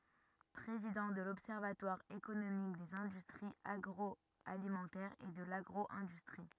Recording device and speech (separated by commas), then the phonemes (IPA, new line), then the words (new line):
rigid in-ear microphone, read sentence
pʁezidɑ̃ də lɔbsɛʁvatwaʁ ekonomik dez ɛ̃dystʁiz aɡʁɔalimɑ̃tɛʁz e də laɡʁo ɛ̃dystʁi
Président de l’observatoire économique des industries agroalimentaires et de l’agro-industrie.